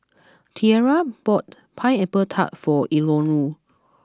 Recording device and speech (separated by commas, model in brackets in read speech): close-talking microphone (WH20), read sentence